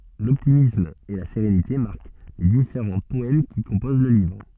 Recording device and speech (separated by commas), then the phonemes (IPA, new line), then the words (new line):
soft in-ear microphone, read sentence
lɔptimism e la seʁenite maʁk le difeʁɑ̃ pɔɛm ki kɔ̃poz lə livʁ
L'optimisme et la sérénité marquent les différents poèmes qui composent le livre.